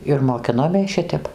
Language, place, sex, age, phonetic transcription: Lithuanian, Dzūkija, female, 60+, ir moˈkinomės ˈšitep

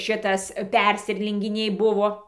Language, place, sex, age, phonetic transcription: Lithuanian, Dzūkija, female, 60+, ˈva ir ˈšitas ˈpersiˈrelinginiai ˈbuvo

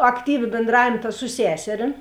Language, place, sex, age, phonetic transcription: Lithuanian, Žemaitija, female, 18-60, akˈtyvi bėnˈdravėm ta su ˈseserim

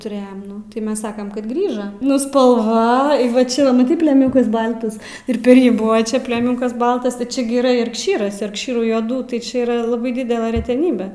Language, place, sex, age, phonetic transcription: Lithuanian, Aukštaitija, female, 18-60, tuˈrėjem ˈnu tai ˈmes ˈsakam kad ˈgrįža ˈnu spalˈva i va ˈčia maˈtai pleˈmiukas ˈbaltas ir per ˈjį ˈbuva ˈčia pleˈmiukas ˈbaltas ir ˈčia gi yˈra jarkˈšyras jarkˈšyrų juoˈdų tai ˈčia yˈra laˈbai ˈdidela reteˈnybe

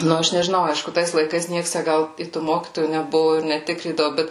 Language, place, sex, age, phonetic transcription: Lithuanian, Suvalkija, female, 18-60, ˈnu ˈaš nežiˈnau ˈaišku ˈtais laiˈkais ˈnieks tæ ˈgal i tų ˈmokytojų neˈbuvo ir neˈtikrydavu ˈbet

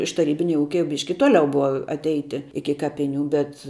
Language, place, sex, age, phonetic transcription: Lithuanian, Žemaitija, female, 18-60, iš taˈrybinia ˈūkia jau ˈbiški ˈtoliau ˈbuva atˈeiti ˈiki ˈkapiˌnių bet

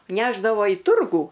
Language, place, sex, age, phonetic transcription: Lithuanian, Aukštaitija, female, 60+, ˈnešdavo į ˈturgų

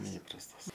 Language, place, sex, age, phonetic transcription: Lithuanian, Aukštaitija, male, 18-60, neˈįprastas

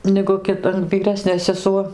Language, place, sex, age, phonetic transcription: Lithuanian, Dzūkija, female, 60+, negu ˈkit vyˈresnė seˈsuo

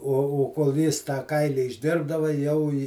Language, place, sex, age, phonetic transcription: Lithuanian, Žemaitija, male, 60+, o o kol ˈjis tą ˈkaili išˈdirbdava jau i

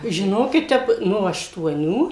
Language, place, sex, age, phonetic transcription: Lithuanian, Suvalkija, female, 60+, žiˈnokit ˈtep ˈno aštuoˈnių

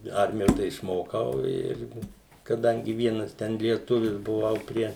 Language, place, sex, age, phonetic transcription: Lithuanian, Suvalkija, male, 60+, ˈarmijo tai išˈmokau ˈir kaˈdangi ˈvienas ˈten lieˈtuvis buˈvau ˈprie

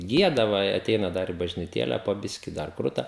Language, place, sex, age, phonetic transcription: Lithuanian, Žemaitija, male, 18-60, ˈgieda va i aˈteina ˈdar i bažniˈtėle po ˈbiški dar ˈkruta

